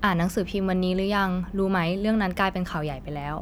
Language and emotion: Thai, neutral